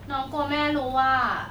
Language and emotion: Thai, frustrated